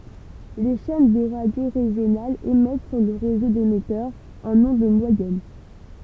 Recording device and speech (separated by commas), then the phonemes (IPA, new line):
temple vibration pickup, read sentence
le ʃɛn də ʁadjo ʁeʒjonalz emɛt syʁ lə ʁezo demɛtœʁz ɑ̃n ɔ̃d mwajɛn